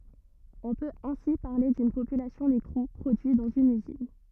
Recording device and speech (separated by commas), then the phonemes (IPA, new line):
rigid in-ear microphone, read sentence
ɔ̃ pøt ɛ̃si paʁle dyn popylasjɔ̃ dekʁu pʁodyi dɑ̃z yn yzin